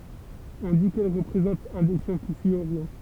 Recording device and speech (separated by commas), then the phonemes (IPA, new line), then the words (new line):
temple vibration pickup, read sentence
ɔ̃ di kɛl ʁəpʁezɑ̃t œ̃ de ʃjɛ̃ ki syi oʁjɔ̃
On dit qu’elle représente un des chiens qui suit Orion.